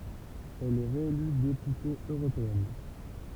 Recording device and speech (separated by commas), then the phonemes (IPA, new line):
temple vibration pickup, read sentence
ɛl ɛ ʁeely depyte øʁopeɛn